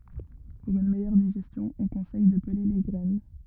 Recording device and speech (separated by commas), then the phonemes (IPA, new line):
rigid in-ear microphone, read sentence
puʁ yn mɛjœʁ diʒɛstjɔ̃ ɔ̃ kɔ̃sɛj də pəle le ɡʁɛn